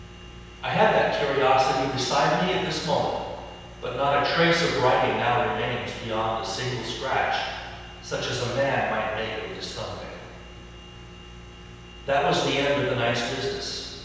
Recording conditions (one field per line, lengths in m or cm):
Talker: one person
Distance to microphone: 7.1 m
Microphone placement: far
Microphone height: 1.7 m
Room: very reverberant, large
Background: none